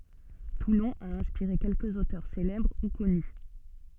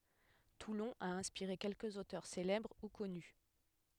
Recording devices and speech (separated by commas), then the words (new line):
soft in-ear microphone, headset microphone, read sentence
Toulon a inspiré quelques auteurs célèbres ou connus.